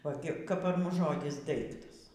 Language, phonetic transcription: Lithuanian, o ˈgi kap par ˈmus ˈžodis ˈdaiktas

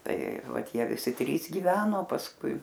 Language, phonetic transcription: Lithuanian, tai ˈvat ˈjie viˈsi ˈtrys gyˈveno pasˈkui

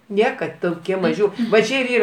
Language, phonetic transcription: Lithuanian, ˈniekad toˈkie ˈmažiu va ˈči ir ˈyra

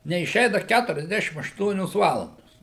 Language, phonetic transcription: Lithuanian, neiˈšeina ˈkæturiasˌdešim ašˈtuonios ˈvalandos

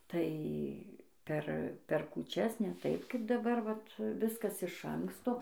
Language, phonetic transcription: Lithuanian, ˈtai ˈper per kūˈčias ne ˈtaip ˈkaip daˈbar ˈvat ˈviskas iš ˈanksto

